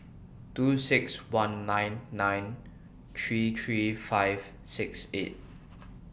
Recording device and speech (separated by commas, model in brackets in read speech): boundary microphone (BM630), read sentence